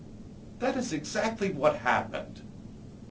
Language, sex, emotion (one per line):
English
male
disgusted